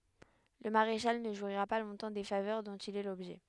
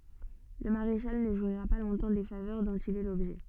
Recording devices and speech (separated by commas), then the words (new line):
headset microphone, soft in-ear microphone, read sentence
Le maréchal ne jouira pas longtemps des faveurs dont il est l'objet.